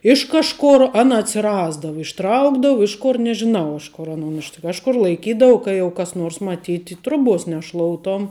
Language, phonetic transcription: Lithuanian, ˈiš kažˌkur ˈana atsiˈrasdavu išˈtraukdavu ˈiš ˌkur nežiˈnau ˈiš ˌkor aˈnon iš kažˈkur laiˈkydavu ˈka jau kas ˈnors maˈtyti ˈtruˌbuos neˈšloutom

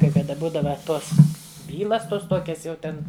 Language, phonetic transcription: Lithuanian, kai kaˈda ˈbūdava ˈtos ˈbylas ˈtuos ˈtuokias jau ˈten

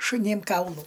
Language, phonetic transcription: Lithuanian, šuˈnėm ˈkaulų

